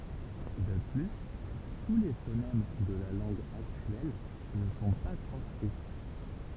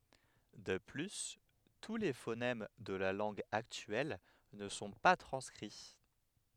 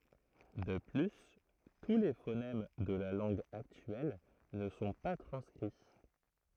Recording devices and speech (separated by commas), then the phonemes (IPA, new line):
temple vibration pickup, headset microphone, throat microphone, read sentence
də ply tu le fonɛm də la lɑ̃ɡ aktyɛl nə sɔ̃ pa tʁɑ̃skʁi